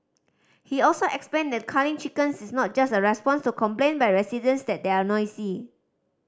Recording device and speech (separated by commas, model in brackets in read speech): standing microphone (AKG C214), read sentence